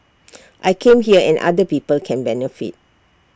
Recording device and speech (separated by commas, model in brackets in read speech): standing microphone (AKG C214), read sentence